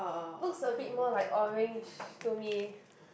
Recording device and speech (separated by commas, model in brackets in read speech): boundary microphone, conversation in the same room